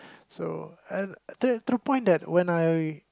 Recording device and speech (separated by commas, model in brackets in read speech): close-talking microphone, conversation in the same room